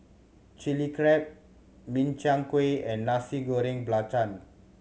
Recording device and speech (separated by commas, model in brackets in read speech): mobile phone (Samsung C7100), read sentence